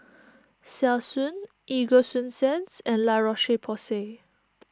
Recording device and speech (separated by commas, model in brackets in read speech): standing microphone (AKG C214), read sentence